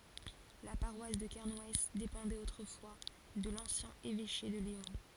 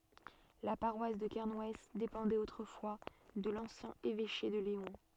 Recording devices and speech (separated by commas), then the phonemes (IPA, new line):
forehead accelerometer, soft in-ear microphone, read sentence
la paʁwas də kɛʁnw depɑ̃dɛt otʁəfwa də lɑ̃sjɛ̃ evɛʃe də leɔ̃